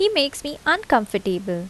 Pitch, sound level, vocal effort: 275 Hz, 81 dB SPL, normal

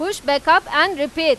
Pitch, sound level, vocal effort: 295 Hz, 101 dB SPL, very loud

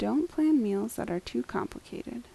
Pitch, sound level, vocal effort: 220 Hz, 78 dB SPL, soft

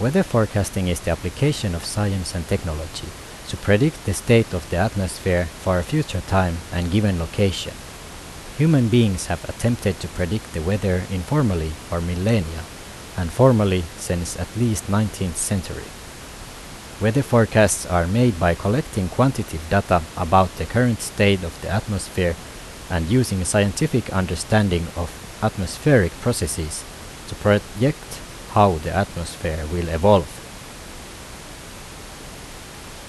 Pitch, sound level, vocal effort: 95 Hz, 80 dB SPL, normal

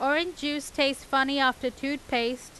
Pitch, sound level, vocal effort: 270 Hz, 93 dB SPL, very loud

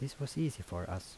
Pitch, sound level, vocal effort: 95 Hz, 76 dB SPL, soft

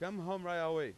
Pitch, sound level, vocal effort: 175 Hz, 98 dB SPL, very loud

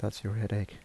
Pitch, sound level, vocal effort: 105 Hz, 74 dB SPL, soft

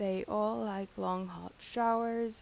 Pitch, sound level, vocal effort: 215 Hz, 84 dB SPL, soft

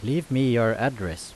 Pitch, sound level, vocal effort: 120 Hz, 86 dB SPL, loud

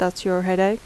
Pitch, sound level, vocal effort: 185 Hz, 80 dB SPL, normal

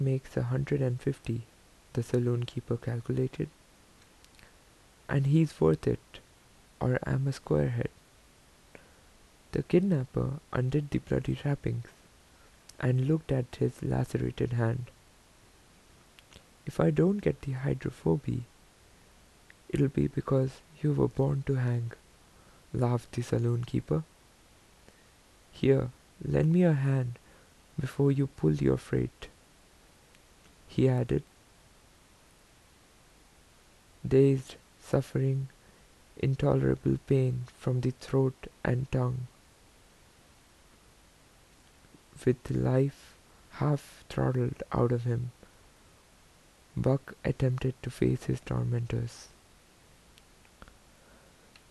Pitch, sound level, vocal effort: 120 Hz, 76 dB SPL, soft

